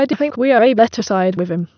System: TTS, waveform concatenation